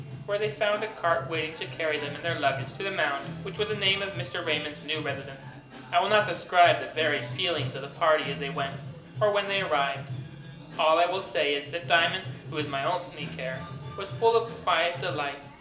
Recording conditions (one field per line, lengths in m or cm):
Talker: one person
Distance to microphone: 1.8 m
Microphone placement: close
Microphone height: 1.0 m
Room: large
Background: music